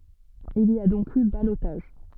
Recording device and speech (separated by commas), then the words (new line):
soft in-ear microphone, read sentence
Il y a donc eu ballotage.